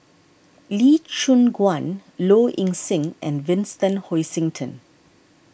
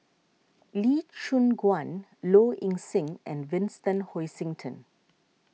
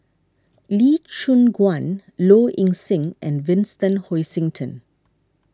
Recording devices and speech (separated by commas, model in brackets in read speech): boundary microphone (BM630), mobile phone (iPhone 6), standing microphone (AKG C214), read sentence